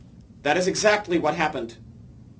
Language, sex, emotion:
English, male, angry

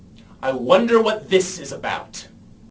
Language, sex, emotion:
English, male, angry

